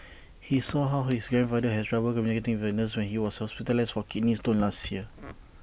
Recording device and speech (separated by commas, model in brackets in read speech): boundary microphone (BM630), read sentence